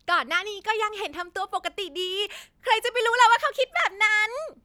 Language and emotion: Thai, happy